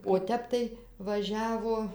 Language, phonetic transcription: Lithuanian, o ˈtep tai vaˈžiavo

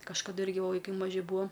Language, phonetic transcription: Lithuanian, kažkaˈdu ˈirgi ˈva vaiˈkai maˈži ˈbūa

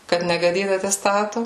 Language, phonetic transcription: Lithuanian, ˈkad negaˈdyt ateˈstatu

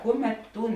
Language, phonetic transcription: Lithuanian, ˈkuˌmet ˈtūn

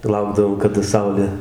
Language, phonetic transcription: Lithuanian, tai ˈlaukdavom kada ˈsaulė

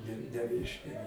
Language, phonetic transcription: Lithuanian, ne neˈreiškia

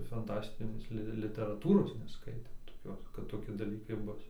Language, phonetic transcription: Lithuanian, fanˈtastinės ˈli literaˈtūros neˈskaitėm toˈkios kad toˈki daˈlykai ˈbus

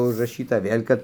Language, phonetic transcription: Lithuanian, užraˈšyta ˈvėl' kad

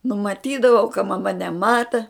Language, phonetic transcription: Lithuanian, numaˈtydavau ka maˈma neˈmata

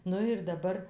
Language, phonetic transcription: Lithuanian, ˈnu ir daˈbar

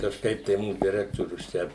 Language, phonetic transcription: Lithuanian, kažˈkaip tai ˈmūs deˈrektorius ˈčia

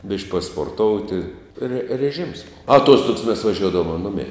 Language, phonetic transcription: Lithuanian, bišk' pasporˈtouti re reˈžims ˈbov aˈtuostugs mes vaˈžiuodavoma ˈnumei

